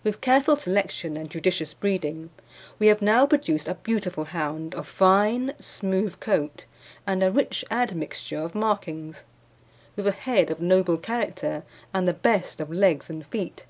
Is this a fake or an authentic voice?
authentic